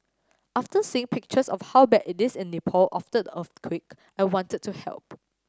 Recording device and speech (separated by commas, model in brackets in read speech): standing microphone (AKG C214), read sentence